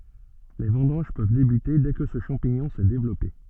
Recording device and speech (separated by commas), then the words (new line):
soft in-ear microphone, read sentence
Les vendanges peuvent débuter dès que ce champignon s'est développé.